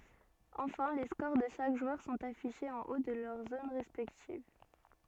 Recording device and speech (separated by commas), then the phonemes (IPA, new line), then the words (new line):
soft in-ear microphone, read sentence
ɑ̃fɛ̃ le skoʁ də ʃak ʒwœʁ sɔ̃t afiʃez ɑ̃ o də lœʁ zon ʁɛspɛktiv
Enfin, les scores de chaque joueur sont affichés en haut de leur zone respective.